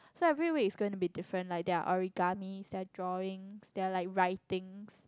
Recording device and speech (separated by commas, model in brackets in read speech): close-talking microphone, conversation in the same room